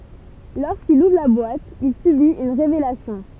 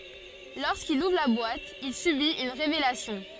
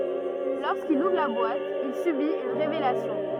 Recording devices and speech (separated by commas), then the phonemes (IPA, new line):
temple vibration pickup, forehead accelerometer, rigid in-ear microphone, read sentence
loʁskil uvʁ la bwat il sybit yn ʁevelasjɔ̃